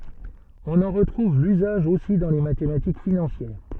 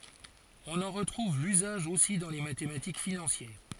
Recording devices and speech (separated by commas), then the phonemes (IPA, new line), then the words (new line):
soft in-ear microphone, forehead accelerometer, read sentence
ɔ̃n ɑ̃ ʁətʁuv lyzaʒ osi dɑ̃ le matematik finɑ̃sjɛʁ
On en retrouve l'usage aussi dans les mathématiques financières.